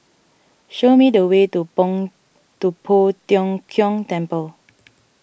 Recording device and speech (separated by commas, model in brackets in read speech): boundary microphone (BM630), read sentence